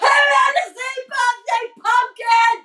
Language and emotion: English, angry